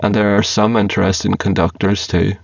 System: VC, spectral filtering